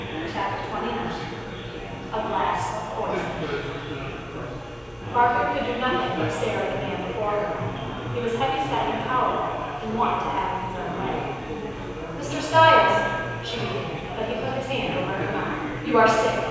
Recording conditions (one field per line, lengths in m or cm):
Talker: one person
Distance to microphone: 7.1 m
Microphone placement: far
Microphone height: 1.7 m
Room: very reverberant, large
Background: babble